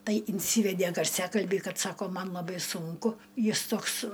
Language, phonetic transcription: Lithuanian, ˈtai inˈsyvedė garˈsiakalbį ˈkad ˈsako ˈman laˈbai sunˈku ˈjis ˈtoks

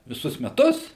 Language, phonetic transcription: Lithuanian, viˈsus meˈtus

